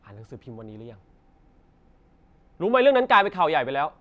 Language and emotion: Thai, angry